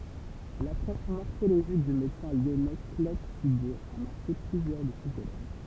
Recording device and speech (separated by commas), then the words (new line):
temple vibration pickup, read sentence
L'approche morphologique du médecin lyonnais Claude Sigaud a marqué plusieurs de ses élèves.